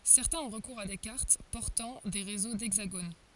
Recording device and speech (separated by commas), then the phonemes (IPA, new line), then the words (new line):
forehead accelerometer, read sentence
sɛʁtɛ̃z ɔ̃ ʁəkuʁz a de kaʁt pɔʁtɑ̃ de ʁezo dɛɡzaɡon
Certains ont recours à des cartes portant des réseaux d'hexagones.